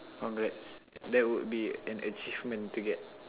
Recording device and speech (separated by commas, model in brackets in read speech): telephone, conversation in separate rooms